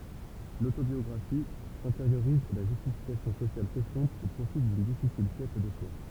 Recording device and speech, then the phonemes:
temple vibration pickup, read sentence
lotobjɔɡʁafi sɛ̃teʁjoʁiz e la ʒystifikasjɔ̃ sosjal sɛstɔ̃p o pʁofi dyn difisil kɛt də swa

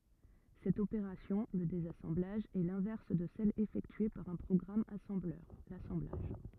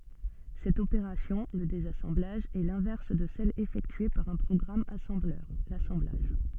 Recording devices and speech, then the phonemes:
rigid in-ear microphone, soft in-ear microphone, read sentence
sɛt opeʁasjɔ̃ lə dezasɑ̃blaʒ ɛ lɛ̃vɛʁs də sɛl efɛktye paʁ œ̃ pʁɔɡʁam asɑ̃blœʁ lasɑ̃blaʒ

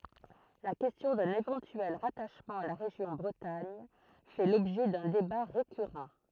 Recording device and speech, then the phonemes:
throat microphone, read sentence
la kɛstjɔ̃ dœ̃n evɑ̃tyɛl ʁataʃmɑ̃ a la ʁeʒjɔ̃ bʁətaɲ fɛ lɔbʒɛ dœ̃ deba ʁekyʁɑ̃

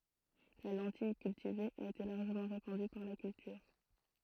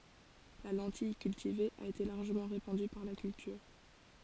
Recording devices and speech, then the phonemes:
throat microphone, forehead accelerometer, read sentence
la lɑ̃tij kyltive a ete laʁʒəmɑ̃ ʁepɑ̃dy paʁ la kyltyʁ

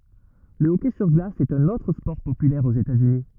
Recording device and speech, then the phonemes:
rigid in-ear microphone, read sentence
lə ɔkɛ syʁ ɡlas ɛt œ̃n otʁ spɔʁ popylɛʁ oz etatsyni

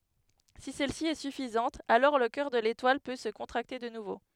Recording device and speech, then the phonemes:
headset microphone, read sentence
si sɛlsi ɛ syfizɑ̃t alɔʁ lə kœʁ də letwal pø sə kɔ̃tʁakte də nuvo

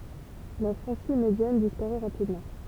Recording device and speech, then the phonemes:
temple vibration pickup, read sentence
la fʁɑ̃si medjan dispaʁɛ ʁapidmɑ̃

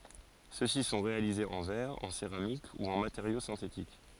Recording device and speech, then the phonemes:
forehead accelerometer, read sentence
søksi sɔ̃ ʁealizez ɑ̃ vɛʁ ɑ̃ seʁamik u ɑ̃ mateʁjo sɛ̃tetik

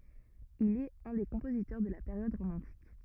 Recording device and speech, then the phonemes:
rigid in-ear microphone, read sentence
il ɛt œ̃ de kɔ̃pozitœʁ də la peʁjɔd ʁomɑ̃tik

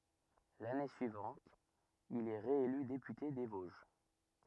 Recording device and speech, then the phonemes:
rigid in-ear microphone, read sentence
lane syivɑ̃t il ɛ ʁeely depyte de voʒ

